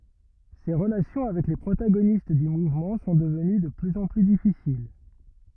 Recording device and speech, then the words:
rigid in-ear microphone, read sentence
Ses relations avec les protagonistes du mouvement sont devenues de plus en plus difficiles.

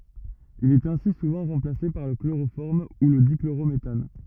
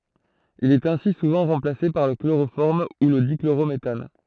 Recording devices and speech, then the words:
rigid in-ear microphone, throat microphone, read sentence
Il est ainsi souvent remplacé par le chloroforme ou le dichlorométhane.

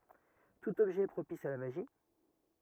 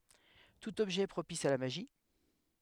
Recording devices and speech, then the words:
rigid in-ear microphone, headset microphone, read sentence
Tout objet est propice à la magie.

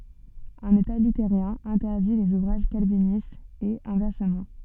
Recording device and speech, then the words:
soft in-ear microphone, read sentence
Un état luthérien interdit les ouvrages calvinistes et inversement.

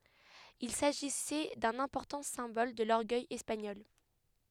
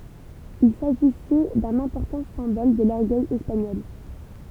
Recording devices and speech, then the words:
headset microphone, temple vibration pickup, read sentence
Il s'agissait d'un important symbole de l’orgueil espagnol.

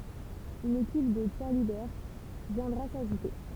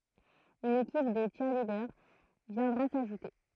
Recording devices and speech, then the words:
temple vibration pickup, throat microphone, read sentence
Une équipe de cheerleaders viendra s'ajouter.

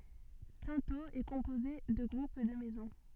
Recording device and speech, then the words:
soft in-ear microphone, read sentence
Cintheaux est composée de groupes de maisons.

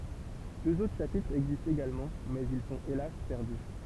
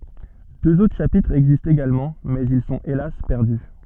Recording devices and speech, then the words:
temple vibration pickup, soft in-ear microphone, read sentence
Deux autres chapitres existent également mais ils sont hélas perdus.

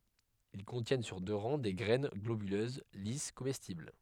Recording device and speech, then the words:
headset microphone, read sentence
Ils contiennent sur deux rangs des graines globuleuses, lisses, comestibles.

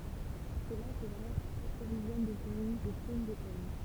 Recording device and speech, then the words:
temple vibration pickup, read sentence
C'est là que Brest s'approvisionne de cerises, de prunes, de pommes.

